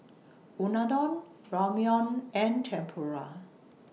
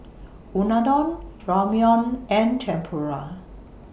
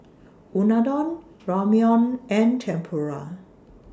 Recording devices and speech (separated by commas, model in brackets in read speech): mobile phone (iPhone 6), boundary microphone (BM630), standing microphone (AKG C214), read sentence